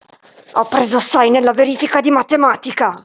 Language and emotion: Italian, angry